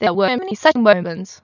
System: TTS, waveform concatenation